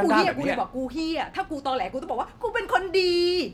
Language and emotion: Thai, angry